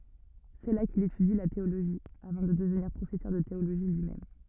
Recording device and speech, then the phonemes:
rigid in-ear microphone, read sentence
sɛ la kil etydi la teoloʒi avɑ̃ də dəvniʁ pʁofɛsœʁ də teoloʒi lyimɛm

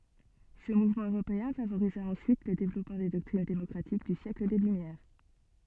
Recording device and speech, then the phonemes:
soft in-ear microphone, read sentence
sə muvmɑ̃ øʁopeɛ̃ favoʁiza ɑ̃syit lə devlɔpmɑ̃ de dɔktʁin demɔkʁatik dy sjɛkl de lymjɛʁ

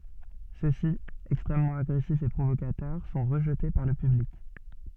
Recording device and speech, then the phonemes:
soft in-ear microphone, read sentence
sø si ɛkstʁɛmmɑ̃t aɡʁɛsifz e pʁovokatœʁ sɔ̃ ʁəʒte paʁ lə pyblik

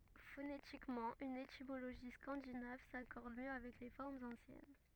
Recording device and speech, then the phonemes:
rigid in-ear microphone, read sentence
fonetikmɑ̃ yn etimoloʒi skɑ̃dinav sakɔʁd mjø avɛk le fɔʁmz ɑ̃sjɛn

